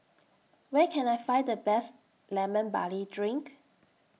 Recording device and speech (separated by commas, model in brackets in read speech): mobile phone (iPhone 6), read sentence